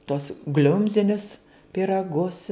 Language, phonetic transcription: Lithuanian, tuos ˈgliumzinius pyraˈgus

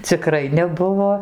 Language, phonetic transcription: Lithuanian, ciˈkrai neˈbuvo

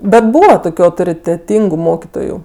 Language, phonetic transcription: Lithuanian, ˈbet ˈbūva ˈtokiu autoriteˈtyngu ˈmokitoju

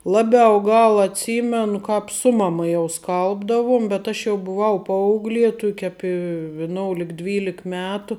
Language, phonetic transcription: Lithuanian, ˈlaˌbiau ˈgal atˈsymenu ˈkāp ˈsu maˌma jau ˈskalbdavuom bet ˈaš jau buˈvau ˈpaauglie ˈtuk' ˈapi viˈnoulik ˈdvylik ˈmetu

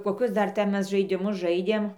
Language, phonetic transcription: Lithuanian, koˈkius ˈdar ˈten ˈmes žaidiˈmus ˈžaidėm

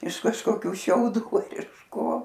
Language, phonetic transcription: Lithuanian, iš kažkoˈkių šiauˈdų ar iš ˈko

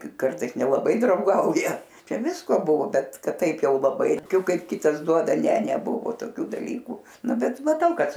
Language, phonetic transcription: Lithuanian, ˈkartais nelaˈbai drauˈgauja ˈčia ˈvisko ˈbuvo ˈbet ˈkad ˈtaip ˈjau laˈbai toˈkiu ˈkad ˈkitas ˈduoda ˈne neˈbuvo toˈkių daˈlykų ˈnu ˈbet maˈtau ˈkad

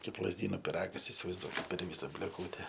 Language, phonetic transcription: Lithuanian, ˈkaip lazˈdyno piˈragas isivaizˈduokit per ˈvysa blėˈkūte

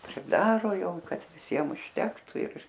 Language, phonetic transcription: Lithuanian, priˈdaro ˈjau ˈkad viˈsiem užˈtektu ir

